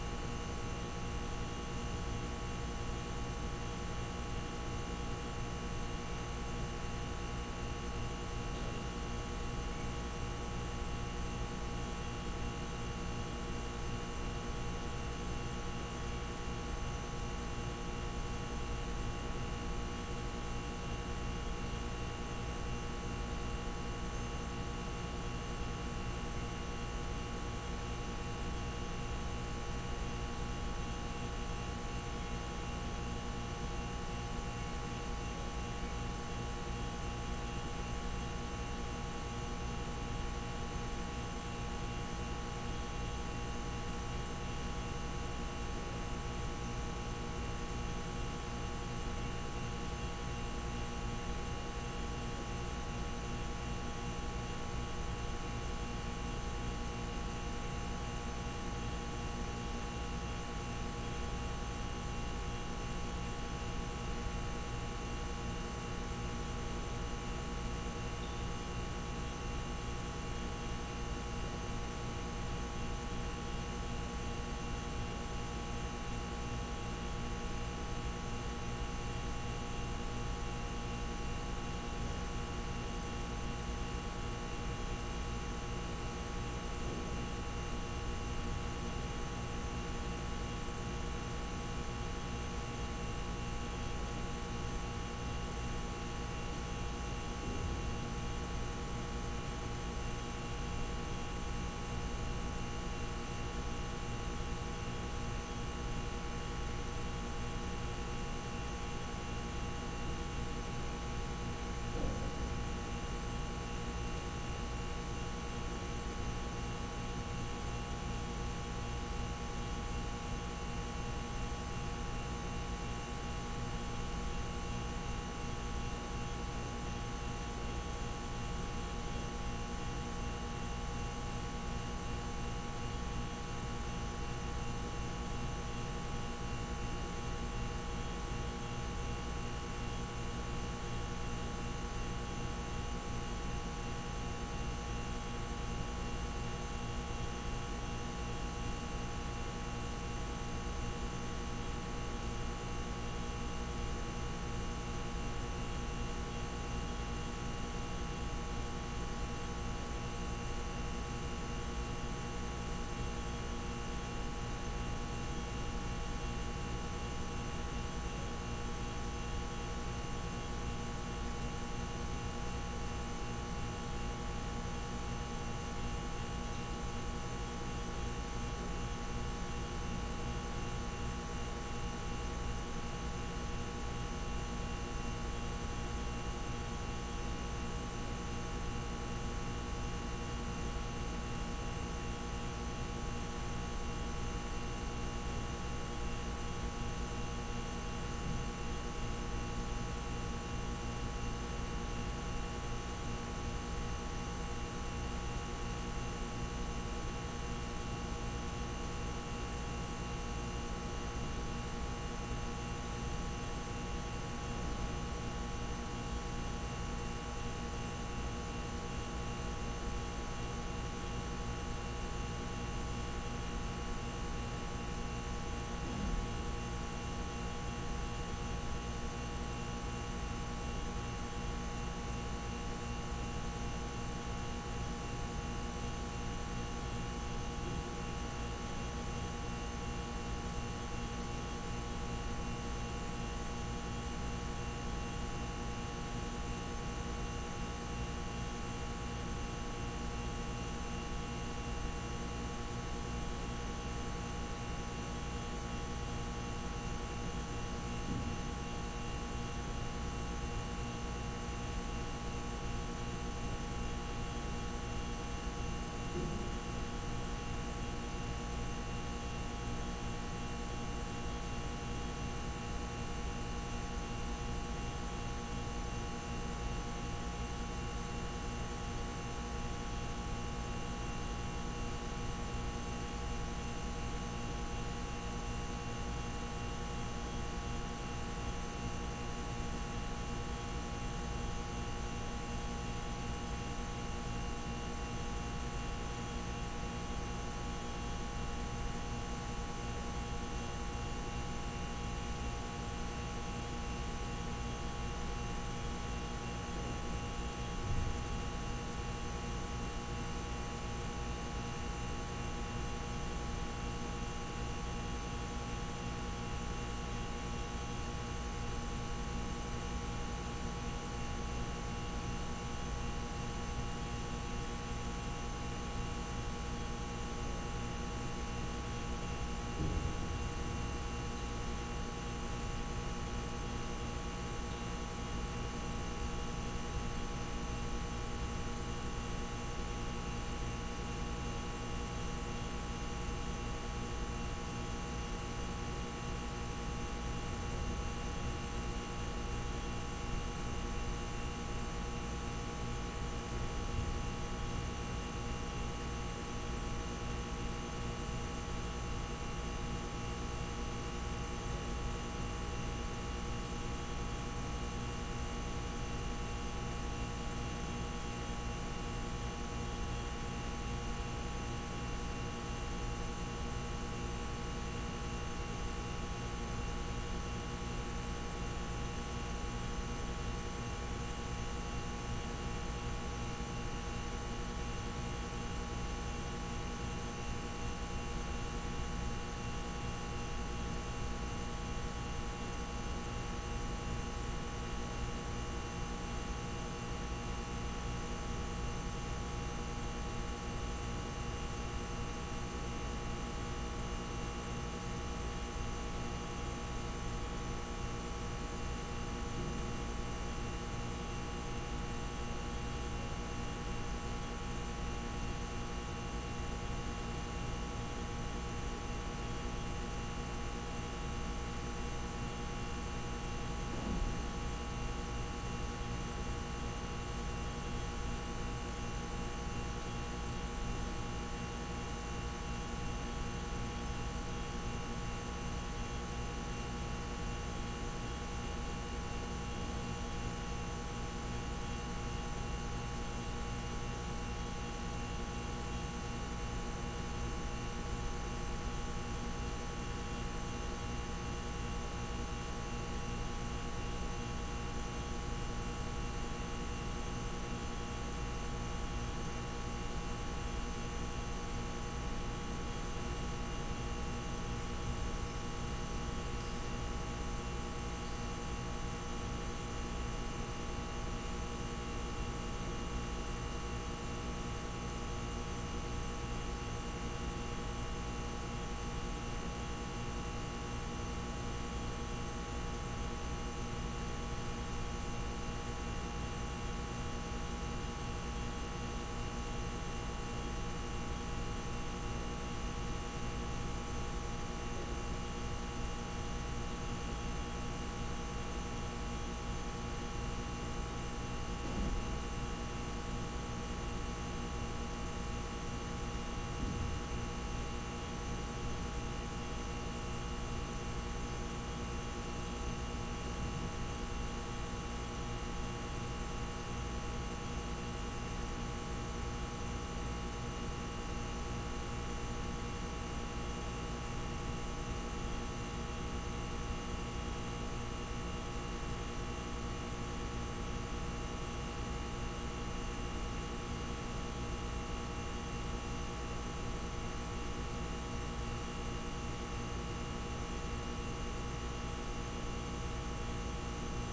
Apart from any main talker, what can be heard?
Nothing.